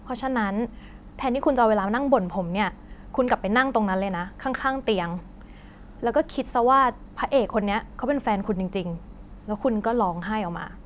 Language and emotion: Thai, neutral